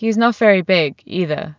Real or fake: real